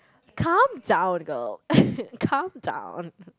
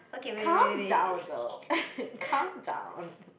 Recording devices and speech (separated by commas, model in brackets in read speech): close-talking microphone, boundary microphone, conversation in the same room